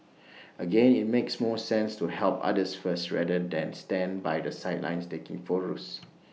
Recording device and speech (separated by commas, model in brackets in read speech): mobile phone (iPhone 6), read sentence